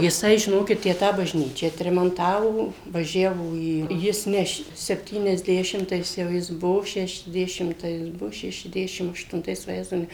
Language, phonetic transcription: Lithuanian, jiˈsai žiˈnokit ˈtę ˈtą bažˈnyčią atremanˈtavo vaˈžiavo ˈį ˈjis ˈne š sepˌtyniasˈdešimtais jau ˈjis ˈbuo šešiasˈdešimtais ˈbuo šešiasˈdešim aštunˈtais vaˈjezau ˈne

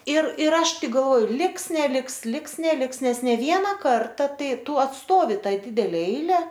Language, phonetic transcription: Lithuanian, ir ir ˈaš ˈtik galˈvo ˈliks neˈliks ˈliks neˈliks ˈnes ne ˈviena ˈkarta ˈtai ˈtu atˈstovi ˈtai ˈdidele ˈeile

